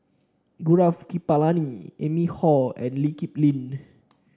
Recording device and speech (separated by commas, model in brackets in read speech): standing microphone (AKG C214), read sentence